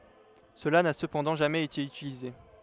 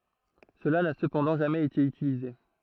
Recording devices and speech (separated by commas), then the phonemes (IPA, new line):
headset microphone, throat microphone, read sentence
səla na səpɑ̃dɑ̃ ʒamɛz ete ytilize